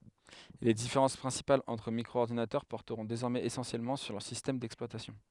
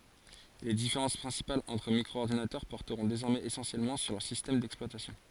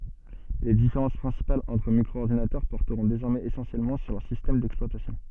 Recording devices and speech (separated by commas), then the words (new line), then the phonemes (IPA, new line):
headset microphone, forehead accelerometer, soft in-ear microphone, read sentence
Les différences principales entre micro-ordinateurs porteront désormais essentiellement sur leurs systèmes d'exploitation.
le difeʁɑ̃s pʁɛ̃sipalz ɑ̃tʁ mikʁoɔʁdinatœʁ pɔʁtəʁɔ̃ dezɔʁmɛz esɑ̃sjɛlmɑ̃ syʁ lœʁ sistɛm dɛksplwatasjɔ̃